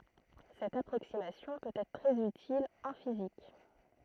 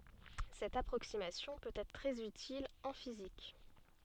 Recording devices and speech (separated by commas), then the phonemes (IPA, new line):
throat microphone, soft in-ear microphone, read sentence
sɛt apʁoksimasjɔ̃ pøt ɛtʁ tʁɛz ytil ɑ̃ fizik